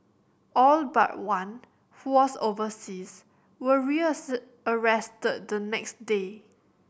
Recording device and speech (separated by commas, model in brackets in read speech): boundary microphone (BM630), read sentence